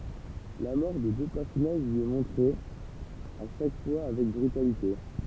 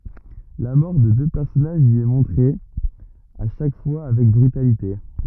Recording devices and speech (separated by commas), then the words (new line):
temple vibration pickup, rigid in-ear microphone, read sentence
La mort de deux personnages y est montrée, à chaque fois, avec brutalité.